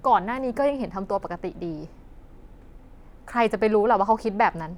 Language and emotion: Thai, frustrated